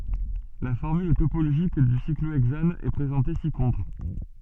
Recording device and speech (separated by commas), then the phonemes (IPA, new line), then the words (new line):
soft in-ear microphone, read sentence
la fɔʁmyl topoloʒik dy sikloɛɡzan ɛ pʁezɑ̃te si kɔ̃tʁ
La formule topologique du cyclohexane est présentée ci-contre.